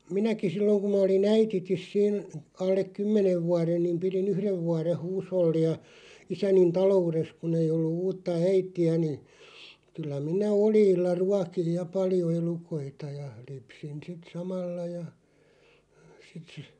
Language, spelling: Finnish, minäkin silloin kun minä olin äidittä siinä alle kymmenen vuoden niin pidin yhden vuoden huushollia isäni taloudessa kun ei ollut uutta äitiä niin kyllä minä oljilla ruokin ja paljon elukoita ja lypsin sitten samalla ja sitten -
- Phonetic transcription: minäki 'silloŋ kum ma 'oli"n ‿äititis 'siin , 'allek "kymmenev 'vuaren niim 'piri'n ‿yhrev 'vuareʰ "huusholli₍a , 'isänin "talo₍ures 'kun ‿ei ollu 'uutta "äiti₍ä ni , 'kyllä 'minä "olʲiilla 'ruakij "ja "paljo 'elukoita ja , 'lypsin sit "samalla ja , sⁱt sə- ,.

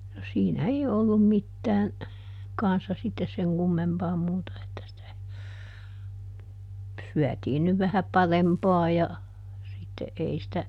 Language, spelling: Finnish, no siinä ei ollut mitään kanssa sitten sen kummempaa muuta että sitä syötiin nyt vähän parempaa ja sitten ei sitä
- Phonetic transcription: no ˈsiinä ei ˈòllum ˈmittään , ˈkanssa sittes seŋ ˈkummempaa muuta että sitä , ˈsyätiin nyv vähä "parempaa ja , ˈsitte ˈʼei sⁱtä ,.

